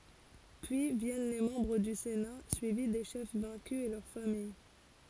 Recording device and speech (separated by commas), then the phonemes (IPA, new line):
forehead accelerometer, read sentence
pyi vjɛn le mɑ̃bʁ dy sena syivi de ʃɛf vɛ̃ky e lœʁ famij